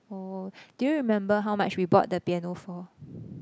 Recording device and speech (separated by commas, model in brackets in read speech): close-talking microphone, conversation in the same room